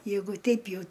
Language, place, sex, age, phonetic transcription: Lithuanian, Aukštaitija, female, 60+, ˈjeigu ˈteip ˈjau

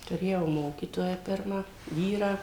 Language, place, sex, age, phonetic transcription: Lithuanian, Suvalkija, female, 60+, tuˈrėjau ˈmokytoją ˈpirmą ˈvyrą

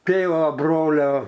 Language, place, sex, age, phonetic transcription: Lithuanian, Aukštaitija, male, 60+, ˈtėvo ˈbrolio

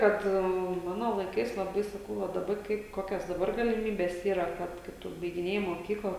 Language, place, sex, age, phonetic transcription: Lithuanian, Žemaitija, female, 18-60, ˈkad ˈmano laiˈkais laˈbai saˈkau va daˈba ˈkaip ˈkokias daˈbar galiˈmybes ˈyra ˈkad kad ˈtu baigiˈnėji moˈkykla

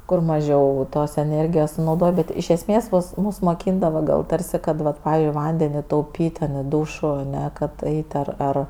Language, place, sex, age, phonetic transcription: Lithuanian, Aukštaitija, female, 18-60, kur maˈžiau tos eˈnėrgijos sunauˈdoj ˈbet iš esˈmės ˈmus ˈmus moˈkyndavo ˈgal ˈtarsi ˈkad ˈvat ˈpavi ˈvandeni tauˈpyt' ten i ˈdūšu aˈne kad ˈait' ar ˈar

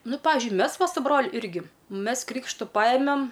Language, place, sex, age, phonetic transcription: Lithuanian, Aukštaitija, female, 18-60, ˈnu ˈpavižiui ˈmes ˈva su ˈbroliu ˈirgi ˈmes ˈkrykštu ˈpajemem

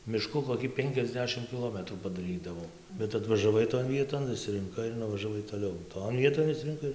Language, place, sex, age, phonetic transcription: Lithuanian, Dzūkija, male, 18-60, miˈšku koˈkį ˈpenkiasˌdešim kiˈlometrų padaˈrydavom bet atvažaˈvai ton ˈvieton išsirinˈkai ir nuvažaˈvai toˈliau ˈton ˈvieton išsirinˈkai

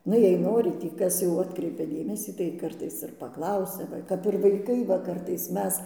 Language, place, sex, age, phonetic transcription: Lithuanian, Dzūkija, female, 60+, ˈnu jei ˈnori tį ˈkas jau ˈatkreipia ˈdėmesį tai ˈkartais ir paˈklausia ˈva kap ir vaiˈkai va ˈkartais ˈmes

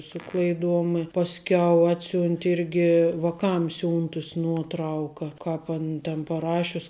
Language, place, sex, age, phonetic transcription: Lithuanian, Žemaitija, female, 18-60, ˈsu klaiˌduom i pasˈkiau ˈatsiunti ˈirgi vaˈkam ˈsiuntus ˈnuotˌrauka ˈkāp an ten paˈrašius

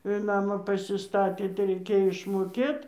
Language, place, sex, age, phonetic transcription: Lithuanian, Dzūkija, female, 60+, ir ˈnamą pasiˈstatė tai reiˈkėjo išmoˈkėt

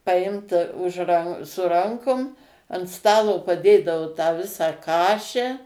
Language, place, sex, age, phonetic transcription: Lithuanian, Suvalkija, female, 60+, paˈimt už ran su ˈrankum ant ˈstalo paˈdėdavo tą ˈvisą ˈkaše

